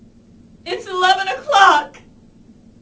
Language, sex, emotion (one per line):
English
female
sad